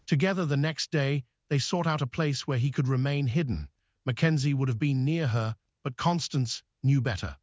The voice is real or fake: fake